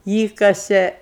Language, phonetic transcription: Lithuanian, ˈįkasė

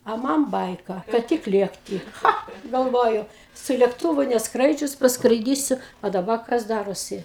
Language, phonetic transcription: Lithuanian, a ˈman ˈbaika kad ˈtik ˈlėkti ˈcha galˈvoju su lėkˈtuvu nesˈkraidžius paskraiˈdysiu a daˈba kas ˈdarosi

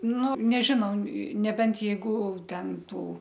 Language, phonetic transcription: Lithuanian, ˈnu neˈžinau neˈbent jeiˈguˈten ˈtų

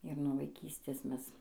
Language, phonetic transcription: Lithuanian, ir nuo vaiˈkystės ˈmes

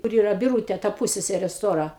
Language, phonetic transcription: Lithuanian, kur ˈyra biˈrūtė ta ˈpusseserė ˈstora

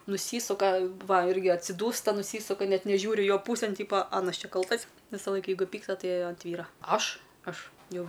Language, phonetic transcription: Lithuanian, nuˈsysuka ˈva ˈirgi atsiˈdūsta nuˈsysuka ˈnet neˈžiūri ˈjo ˈpūsėn ˈtypo ˈanas ˈčia ˈkaltas visaˈlaik ˈjeiguˈ pyksta ˈtai ant ˈvyra ˈaš ˈaš jau

